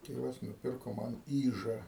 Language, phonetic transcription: Lithuanian, ˈtėvas nuˈpirko ˈman ˈyža

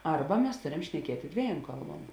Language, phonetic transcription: Lithuanian, ˈarba mes ˈtorem šneˈkietė ˈdvieˌjom ˈkalˌbuom

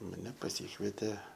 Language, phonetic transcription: Lithuanian, maˈne paˈsykvietė

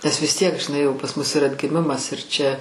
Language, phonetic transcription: Lithuanian, nes vis ˈtiek žiˈnai jau pas mus ir atgiˈmimas ir ˈčia

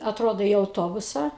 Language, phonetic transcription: Lithuanian, atˈrodo į auˈtobusą

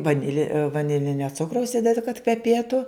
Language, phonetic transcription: Lithuanian, vaˈnile vaˈnilinio ˈcukraus ˈidedi kad kveˈpėtu

